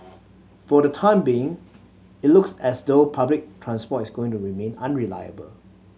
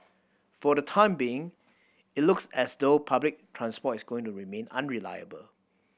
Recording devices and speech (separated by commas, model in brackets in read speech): mobile phone (Samsung C7100), boundary microphone (BM630), read sentence